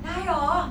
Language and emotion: Thai, happy